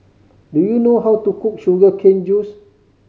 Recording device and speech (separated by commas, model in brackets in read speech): mobile phone (Samsung C5010), read sentence